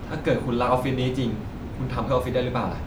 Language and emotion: Thai, frustrated